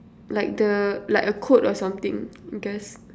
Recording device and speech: standing microphone, conversation in separate rooms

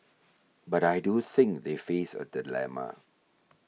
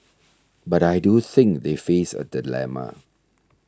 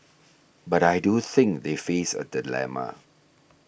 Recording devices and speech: mobile phone (iPhone 6), standing microphone (AKG C214), boundary microphone (BM630), read sentence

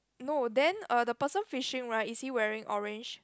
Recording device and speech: close-talking microphone, conversation in the same room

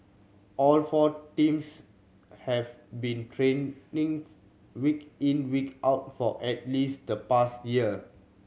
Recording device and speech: mobile phone (Samsung C7100), read sentence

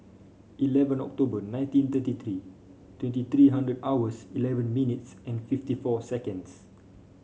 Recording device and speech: mobile phone (Samsung C5), read sentence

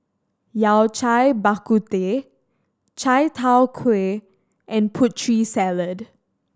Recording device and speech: standing microphone (AKG C214), read sentence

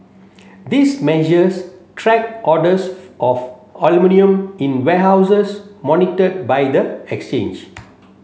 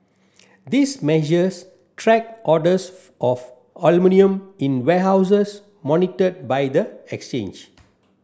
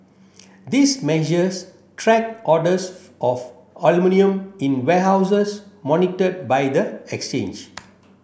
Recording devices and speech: mobile phone (Samsung C7), standing microphone (AKG C214), boundary microphone (BM630), read sentence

